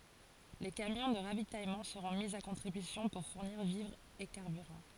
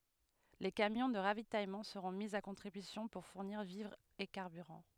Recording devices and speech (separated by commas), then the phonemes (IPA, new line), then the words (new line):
forehead accelerometer, headset microphone, read sentence
le kamjɔ̃ də ʁavitajmɑ̃ səʁɔ̃ mi a kɔ̃tʁibysjɔ̃ puʁ fuʁniʁ vivʁz e kaʁbyʁɑ̃
Les camions de ravitaillement seront mis à contribution pour fournir vivres et carburant.